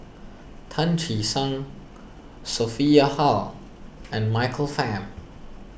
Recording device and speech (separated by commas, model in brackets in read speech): boundary microphone (BM630), read sentence